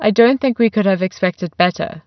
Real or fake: real